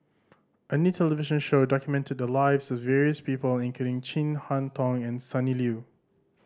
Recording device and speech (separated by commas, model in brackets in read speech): standing microphone (AKG C214), read sentence